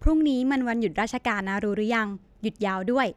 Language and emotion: Thai, neutral